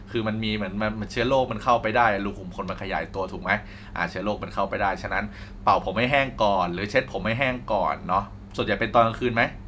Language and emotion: Thai, neutral